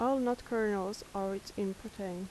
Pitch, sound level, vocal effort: 200 Hz, 80 dB SPL, soft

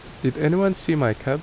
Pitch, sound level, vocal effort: 150 Hz, 79 dB SPL, normal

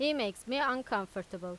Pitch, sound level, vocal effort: 210 Hz, 92 dB SPL, loud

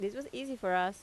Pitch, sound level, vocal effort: 195 Hz, 86 dB SPL, normal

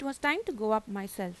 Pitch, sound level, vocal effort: 220 Hz, 87 dB SPL, normal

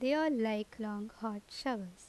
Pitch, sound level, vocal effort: 220 Hz, 83 dB SPL, normal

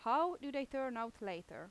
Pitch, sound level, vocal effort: 265 Hz, 89 dB SPL, very loud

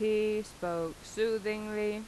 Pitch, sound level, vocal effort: 215 Hz, 88 dB SPL, normal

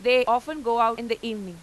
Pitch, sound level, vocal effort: 230 Hz, 98 dB SPL, very loud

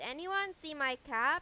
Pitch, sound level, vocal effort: 305 Hz, 98 dB SPL, very loud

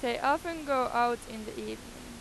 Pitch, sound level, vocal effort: 240 Hz, 95 dB SPL, very loud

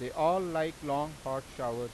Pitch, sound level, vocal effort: 140 Hz, 93 dB SPL, loud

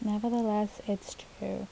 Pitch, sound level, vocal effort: 210 Hz, 73 dB SPL, soft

